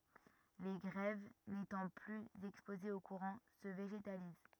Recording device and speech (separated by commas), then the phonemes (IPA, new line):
rigid in-ear microphone, read sentence
le ɡʁɛv netɑ̃ plyz ɛkspozez o kuʁɑ̃ sə veʒetaliz